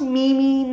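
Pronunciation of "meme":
'Meme' is pronounced incorrectly here.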